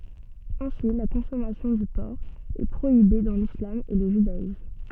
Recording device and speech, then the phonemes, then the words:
soft in-ear microphone, read sentence
ɛ̃si la kɔ̃sɔmasjɔ̃ dy pɔʁk ɛ pʁoibe dɑ̃ lislam e lə ʒydaism
Ainsi, la consommation du porc est prohibée dans l'islam et le judaïsme.

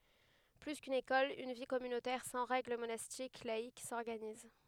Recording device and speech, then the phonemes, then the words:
headset microphone, read sentence
ply kyn ekɔl yn vi kɔmynotɛʁ sɑ̃ ʁɛɡl monastik laik sɔʁɡaniz
Plus qu'une école, une vie communautaire sans règle monastique, laïque, s'organise.

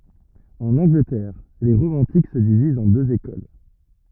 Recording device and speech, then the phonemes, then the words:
rigid in-ear microphone, read sentence
ɑ̃n ɑ̃ɡlətɛʁ le ʁomɑ̃tik sə divizt ɑ̃ døz ekol
En Angleterre, les romantiques se divisent en deux écoles.

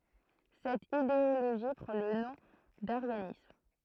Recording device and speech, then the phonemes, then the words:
throat microphone, read sentence
sɛt ideoloʒi pʁɑ̃ lə nɔ̃ daʁjanism
Cette idéologie prend le nom d'aryanisme.

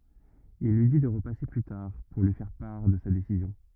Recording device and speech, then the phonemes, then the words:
rigid in-ear microphone, read sentence
il lyi di də ʁəpase ply taʁ puʁ lyi fɛʁ paʁ də sa desizjɔ̃
Il lui dit de repasser plus tard pour lui faire part de sa décision.

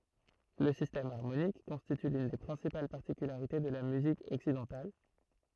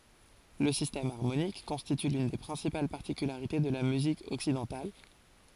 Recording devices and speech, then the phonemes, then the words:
throat microphone, forehead accelerometer, read sentence
lə sistɛm aʁmonik kɔ̃stity lyn de pʁɛ̃sipal paʁtikylaʁite də la myzik ɔksidɑ̃tal
Le système harmonique constitue l'une des principales particularités de la musique occidentale.

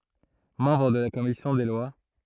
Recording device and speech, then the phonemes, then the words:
throat microphone, read sentence
mɑ̃bʁ də la kɔmisjɔ̃ de lwa
Membre de la commission des lois.

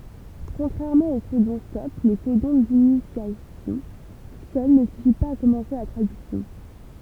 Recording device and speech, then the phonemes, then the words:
temple vibration pickup, read sentence
kɔ̃tʁɛʁmɑ̃ o kodɔ̃stɔp lə kodɔ̃ dinisjasjɔ̃ sœl nə syfi paz a kɔmɑ̃se la tʁadyksjɔ̃
Contrairement aux codons-stop, le codon d'initiation seul ne suffit pas à commencer la traduction.

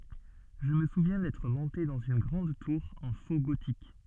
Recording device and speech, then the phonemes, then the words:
soft in-ear microphone, read sentence
ʒə mə suvjɛ̃ dɛtʁ mɔ̃te dɑ̃z yn ɡʁɑ̃d tuʁ ɑ̃ fo ɡotik
Je me souviens d'être monté dans une grande tour en faux gothique.

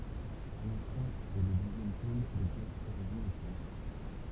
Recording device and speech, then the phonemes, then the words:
temple vibration pickup, read sentence
alɑ̃sɔ̃ ɛ lə døzjɛm pol də plastyʁʒi ɑ̃ fʁɑ̃s
Alençon est le deuxième pôle de plasturgie en France.

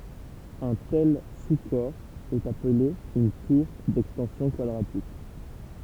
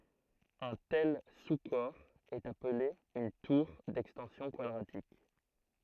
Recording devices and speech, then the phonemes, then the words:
temple vibration pickup, throat microphone, read sentence
œ̃ tɛl su kɔʁ ɛt aple yn tuʁ dɛkstɑ̃sjɔ̃ kwadʁatik
Un tel sous-corps est appelé une tour d'extensions quadratiques.

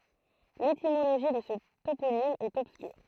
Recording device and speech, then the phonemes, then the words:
throat microphone, read sentence
letimoloʒi də sə toponim ɛt ɔbskyʁ
L'étymologie de ce toponyme est obscure.

